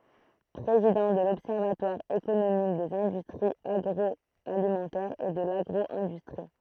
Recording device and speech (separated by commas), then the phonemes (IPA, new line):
throat microphone, read sentence
pʁezidɑ̃ də lɔbsɛʁvatwaʁ ekonomik dez ɛ̃dystʁiz aɡʁɔalimɑ̃tɛʁz e də laɡʁo ɛ̃dystʁi